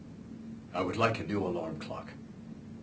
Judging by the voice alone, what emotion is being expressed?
neutral